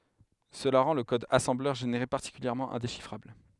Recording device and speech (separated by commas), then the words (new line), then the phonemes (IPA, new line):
headset microphone, read sentence
Cela rend le code assembleur généré particulièrement indéchiffrable.
səla ʁɑ̃ lə kɔd asɑ̃blœʁ ʒeneʁe paʁtikyljɛʁmɑ̃ ɛ̃deʃifʁabl